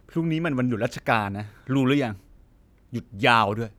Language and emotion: Thai, frustrated